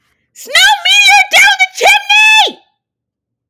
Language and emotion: English, disgusted